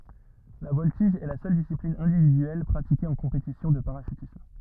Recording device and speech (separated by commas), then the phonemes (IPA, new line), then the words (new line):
rigid in-ear microphone, read sentence
la vɔltiʒ ɛ la sœl disiplin ɛ̃dividyɛl pʁatike ɑ̃ kɔ̃petisjɔ̃ də paʁaʃytism
La voltige est la seule discipline individuelle pratiquée en compétition de parachutisme.